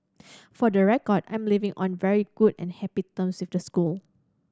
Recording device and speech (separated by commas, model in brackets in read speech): standing microphone (AKG C214), read sentence